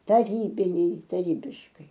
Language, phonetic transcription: Lithuanian, taˈrybiniai taˈrybiškai

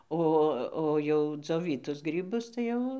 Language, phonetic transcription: Lithuanian, ˈo o jau dzioˈvytus ˈgrybus tai ˈjau

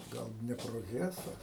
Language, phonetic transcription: Lithuanian, ˈgal ˌdneproˈhesa

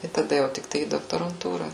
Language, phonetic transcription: Lithuanian, i taˈda jau tikˈtai į doktoranˈtūra

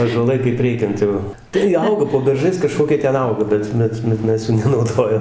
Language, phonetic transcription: Lithuanian, ąžuoˈlai kaip ˈreikiant jau tai ˈauga po berˈžais kaˈžkokie ˈten ˈauga ˈbet ˈbet bet ˈmes jų nenauˈdojam

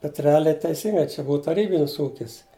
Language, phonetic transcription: Lithuanian, bet reˈaliai teiˈsyngai čia ˈbūa taˈrybinis ˈūkis

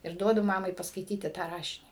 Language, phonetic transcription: Lithuanian, ir ˈduodu ˈmamai paskaiˈtyti tą ˈrašinį

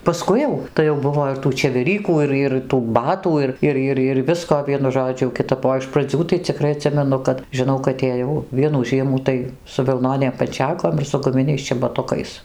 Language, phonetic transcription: Lithuanian, paˈskui jau tai jau ˈbuvo ir tų čeveˈrykų ˈir ir tų ˈbatų ir ˈir ˈir ir ˈvisko ˈvienu ˈžodžiu jau kiˈtap o iš praˈdzių tai ciˈkrai aˈtsimenu kad žiˈnau kad ėˈjau ˈvienų ˈžiemų tai su vilˈnonėm panˈčekom ir su guˈminiais čebaˈtukais

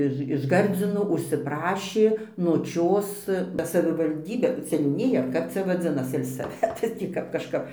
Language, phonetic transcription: Lithuanian, ˈiž iš ˈgardzino užsiˈprašė noˈčios ba savivalˈdybė seniūˈnija ar ˈkap cia vaˈdzinas selsaˈvetas ˈtį kap kažˈkap

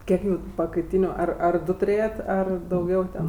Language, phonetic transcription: Lithuanian, ˈkiek jų pakaiˈtyniu ˈar ar ˈdu tuˈrėjat' ˈar dauˈgiau ten

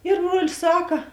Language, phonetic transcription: Lithuanian, ir ˈbruolis ˈsaka

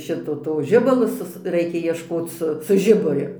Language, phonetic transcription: Lithuanian, ˈšito to ˈžibalo ˈsus ˈraikia iešˈkoc ˈsu su ˈžiburiu

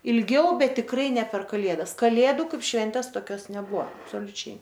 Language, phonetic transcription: Lithuanian, ilˈgiau ˈbet tikˈrai ne per kaˈlėdas kaˈlėdu ˈkaip ˈšventės toˈkios neˈbuo absoliuˈčiai

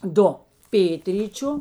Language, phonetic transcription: Lithuanian, ˈdu ˈpėtryčiu

